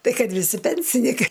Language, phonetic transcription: Lithuanian, ˈtai ˈkad viˈsi ˈpensinikai

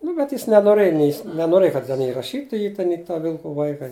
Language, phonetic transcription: Lithuanian, ˈnu bet ˈjis nenoˈrɘj nei jis nenoˈrɘj kad ten ˈji raˈšytu ˈjį ten i ta ˈvilku ˈvaika

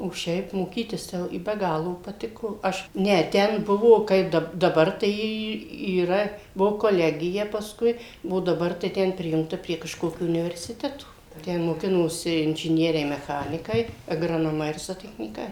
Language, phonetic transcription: Lithuanian, o ˈšiaip moˈkytis tai ˈjau i be ˈgalo paˈtiko ˈaš ˈne ˈten ˈbuvo ˈkaip ˈdab daˈbar tai ˈy yˈra ˈbuvo koˈlegija pasˈkui o daˈbar tai ˈten ˈprijungta prie kažˈkokio universiˈteto ten moˈkinosi inžiˈnieriai meˈchanikai agranoˈmai ir zotechnyˈkai

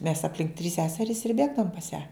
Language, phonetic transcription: Lithuanian, mes apˈlink trys ˈseserys ir ˈbėgdavom pas ją

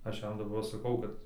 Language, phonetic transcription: Lithuanian, ˈaš ˈjam daˈbar saˈkau kad

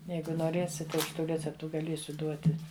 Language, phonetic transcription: Lithuanian, ˈjeigu noˈrėsit tai ˈaš ˈtų ˈreceptu gaˈliesiu ˈduoti

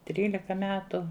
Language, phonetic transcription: Lithuanian, ˈtrylika ˈmetu

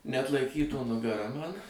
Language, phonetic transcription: Lithuanian, neatlaiˈkytų nugaˈra ˈmana

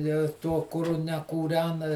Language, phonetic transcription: Lithuanian, jau i ˈtuo kuˈru nekūˈrena

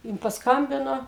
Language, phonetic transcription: Lithuanian, ˈjin pasˈkambino

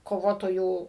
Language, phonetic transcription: Lithuanian, koˈvotojų

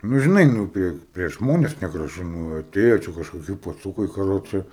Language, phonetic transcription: Lithuanian, nu žiˈnai ˈnū ˈprie prieš ˈžmones negraˈžu nu aˈtėja ˈčia kažkoˈki paˈcūkai kaˈroče

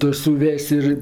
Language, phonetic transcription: Lithuanian, ˈtu suˈves' ir

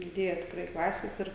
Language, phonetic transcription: Lithuanian, diˈdėja tikˈrai ˈklasės ˈir

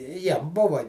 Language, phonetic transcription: Lithuanian, ˈjiem ˈbuva

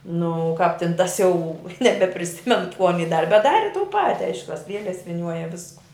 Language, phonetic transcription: Lithuanian, ˈnu ˈkāp tin ˈtas ˈjau nebepriˈsimenu kū aˈny ˈdari bet ˈdari tū ˈpati ˈaišku tas ˈlieles viˈniuoja ˈvisku

